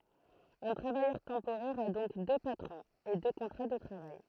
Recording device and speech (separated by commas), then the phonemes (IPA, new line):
throat microphone, read sentence
œ̃ tʁavajœʁ tɑ̃poʁɛʁ a dɔ̃k dø patʁɔ̃z e dø kɔ̃tʁa də tʁavaj